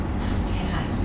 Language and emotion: Thai, neutral